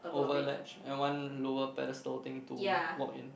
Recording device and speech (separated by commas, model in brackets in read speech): boundary microphone, conversation in the same room